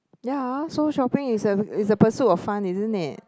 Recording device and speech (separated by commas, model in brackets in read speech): close-talking microphone, conversation in the same room